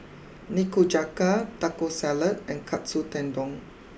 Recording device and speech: boundary microphone (BM630), read sentence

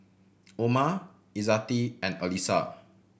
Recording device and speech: boundary microphone (BM630), read sentence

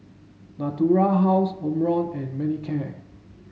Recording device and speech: mobile phone (Samsung S8), read sentence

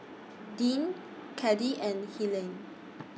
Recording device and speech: mobile phone (iPhone 6), read sentence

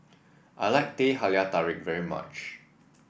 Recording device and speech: boundary microphone (BM630), read sentence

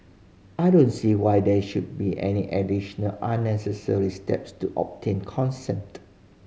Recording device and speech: mobile phone (Samsung C5010), read sentence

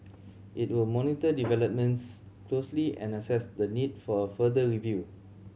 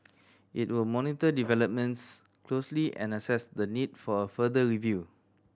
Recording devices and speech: mobile phone (Samsung C7100), standing microphone (AKG C214), read sentence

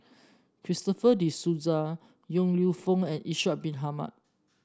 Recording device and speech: standing microphone (AKG C214), read sentence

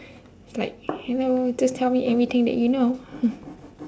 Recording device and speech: standing microphone, conversation in separate rooms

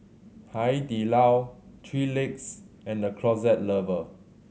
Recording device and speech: mobile phone (Samsung C7100), read sentence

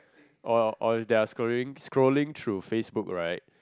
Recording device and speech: close-talking microphone, conversation in the same room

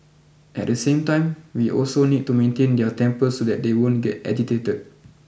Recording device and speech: boundary microphone (BM630), read sentence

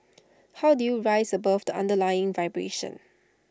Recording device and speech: standing microphone (AKG C214), read sentence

